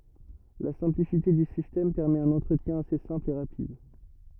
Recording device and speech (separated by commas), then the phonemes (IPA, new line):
rigid in-ear microphone, read sentence
la sɛ̃plisite dy sistɛm pɛʁmɛt œ̃n ɑ̃tʁətjɛ̃ ase sɛ̃pl e ʁapid